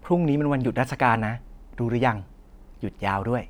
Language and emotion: Thai, neutral